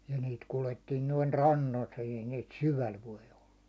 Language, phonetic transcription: Finnish, ja niit 'kulettiin noin "rannolt ei niit "syväl voi olla .
- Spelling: ja niitä kuljettiin noin rannoilta ei niitä syvällä voi olla

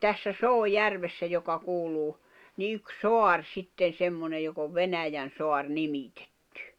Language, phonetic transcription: Finnish, 'tässä "Soo"järvessä joka 'kuluu , ni yk "soar 'sitten̬ 'semmonej jok ‿ov "Venäjän̬soar 'nimitᴇttʏ .
- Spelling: tässä Soojärvessä joka kuuluu niin yksi saari sitten semmoinen joka on Venäjänsaari nimitetty

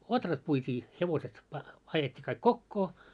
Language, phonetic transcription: Finnish, 'otrat puit́ii , 'hevoset pa- , 'ajet́t́i kaik "kokkoo .
- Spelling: ohrat puitiin hevoset - ajettiin kaikki kokoon

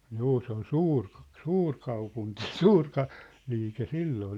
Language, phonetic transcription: Finnish, 'juu se ‿ol "suurk̆- , "suur'kaupunti , "suur ka- , 'liike "silloo ol .
- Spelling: juu se oli - suurkaupunki suuri - liike silloin oli

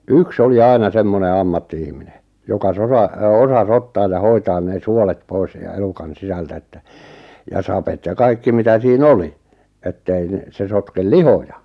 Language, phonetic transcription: Finnish, yk's ‿oli "aina 'semmone 'ammatti₍ihmine , joka 'sora- , 'osas "ottaaj ja "hoitaan nee 'suolet "pois ja 'elukan 'sisältä että , ja 'sapet ja 'kaikki mitä sii"n ‿oli , ettei ⁿᵉ , 'se sotkel "lihoja .
- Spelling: yksi oli aina semmoinen ammatti-ihminen joka - osasi ottaa ja hoitaa ne suolet pois ja elukan sisältä että ja sapet ja kaikki mitä siinä oli että ei no se sotke lihoja

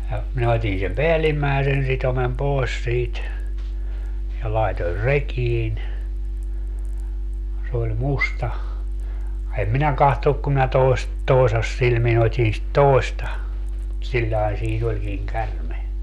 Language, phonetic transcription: Finnish, ja , minä 'ot́in sem "peällimmäesen 'sitomem "poes siit , ja 'laetor "rekiin , s ‿oĺ "musta , em 'minä 'kahtonuk kum minä 'toest- , "toesassilmi'n ‿ot́in sit "tòesta , siĺĺae 'siin ‿oĺkiŋ "kärme .
- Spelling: ja minä otin sen päällimmäisen sitomen pois siitä ja laitoin rekiin se oli musta en minä katsonut kun minä - toisasilmin otin sitä toista sillä lailla siinä olikin käärme

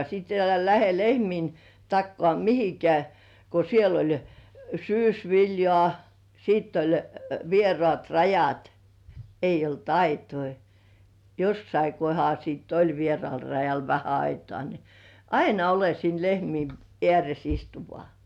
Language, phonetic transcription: Finnish, sit elä lähe 'lehmiin , takkŏà "mihikĕä̀ , ko siel ‿oĺ "syysviljŏà , sìtt ‿oĺ 'vierŏàt "rajat , 'eij ‿olt "aitoi , 'jossai kohal siitt ‿"oĺ 'vierŏ§àl rajal vähä aitŏà ni , "aina ole siin 'lehmiin , eäres 'istu vŏà .
- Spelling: sitten älä lähde lehmien takaa mihinkään kun siellä oli syysviljaa sitten oli vieraat rajat ei ollut aitoja jossakin kohdalla sitten oli vieraalla rajalla vähän aitaa niin aina ole siinä lehmien ääressä istu vain

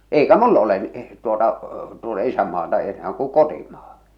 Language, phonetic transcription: Finnish, 'eikä "mull ‿ole n- , tuota , tuota "isämmaata enää kuᵑ "kotimᴀᴀ .
- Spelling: eikä minulla ole - tuota tuota isänmaata enää kun kotimaa

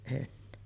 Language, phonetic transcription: Finnish, en .
- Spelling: en

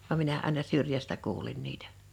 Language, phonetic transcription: Finnish, vam 'minä àena 'syrjästä 'kuulin 'niitᴀ̈ .
- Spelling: vaan minä aina syrjästä kuulin niitä

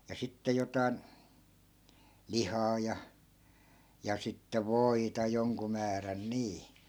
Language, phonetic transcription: Finnish, ja 'sitte 'jotai̮n , 'lihaa ja , ja sitte "voita 'joŋku määrän 'nii .
- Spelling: ja sitten jotakin lihaa ja ja sitten voita jonkun määrän niin

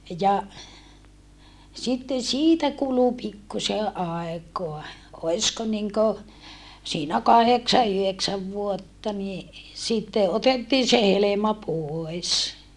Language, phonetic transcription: Finnish, ja , sitten̬ siitä kulu pikkuse ʼàekoa , oisko niŋko , siinä kaheksa yheksäv vuotta ni , sitte ʼotettii se helema poes .
- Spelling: ja sitten siitä kului pikkuisen aikaa olisiko niin kuin siinä kahdeksan yhdeksän vuotta niin sitten otettiin se helma pois

